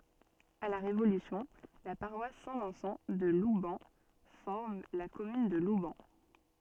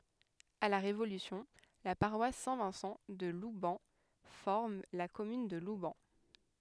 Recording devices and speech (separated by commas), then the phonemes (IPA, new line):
soft in-ear microphone, headset microphone, read sentence
a la ʁevolysjɔ̃ la paʁwas sɛ̃ vɛ̃sɑ̃ də lubɛn fɔʁm la kɔmyn də lubɛn